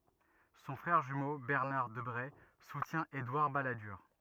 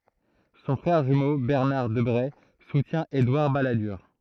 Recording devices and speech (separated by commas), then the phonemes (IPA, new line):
rigid in-ear microphone, throat microphone, read sentence
sɔ̃ fʁɛʁ ʒymo bɛʁnaʁ dəbʁe sutjɛ̃ edwaʁ baladyʁ